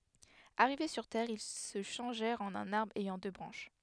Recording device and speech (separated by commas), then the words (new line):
headset microphone, read sentence
Arrivés sur terre, ils se changèrent en un arbre ayant deux branches.